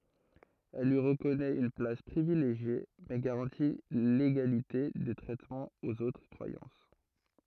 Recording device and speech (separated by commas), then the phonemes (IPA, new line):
throat microphone, read sentence
ɛl lyi ʁəkɔnɛt yn plas pʁivileʒje mɛ ɡaʁɑ̃ti leɡalite də tʁɛtmɑ̃ oz otʁ kʁwajɑ̃s